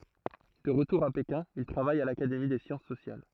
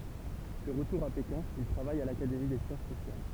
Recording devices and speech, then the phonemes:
throat microphone, temple vibration pickup, read sentence
də ʁətuʁ a pekɛ̃ il tʁavaj a lakademi de sjɑ̃s sosjal

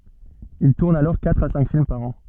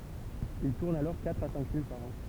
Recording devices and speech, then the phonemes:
soft in-ear microphone, temple vibration pickup, read sentence
il tuʁn alɔʁ katʁ a sɛ̃k film paʁ ɑ̃

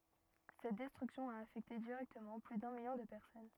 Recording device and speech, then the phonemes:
rigid in-ear microphone, read sentence
sɛt dɛstʁyksjɔ̃ a afɛkte diʁɛktəmɑ̃ ply dœ̃ miljɔ̃ də pɛʁsɔn

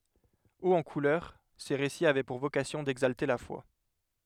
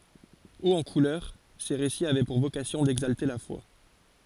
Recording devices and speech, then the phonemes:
headset microphone, forehead accelerometer, read sentence
oz ɑ̃ kulœʁ se ʁesiz avɛ puʁ vokasjɔ̃ dɛɡzalte la fwa

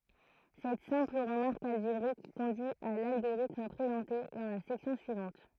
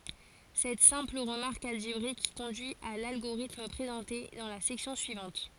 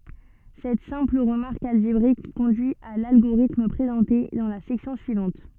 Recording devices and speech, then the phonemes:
throat microphone, forehead accelerometer, soft in-ear microphone, read sentence
sɛt sɛ̃pl ʁəmaʁk alʒebʁik kɔ̃dyi a lalɡoʁitm pʁezɑ̃te dɑ̃ la sɛksjɔ̃ syivɑ̃t

